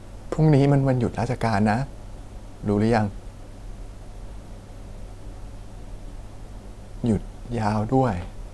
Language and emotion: Thai, sad